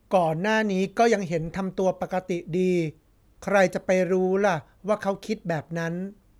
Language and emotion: Thai, neutral